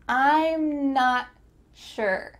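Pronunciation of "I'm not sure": In 'I'm not sure', the T at the end of 'not' is cut off, so the T sound is not really heard.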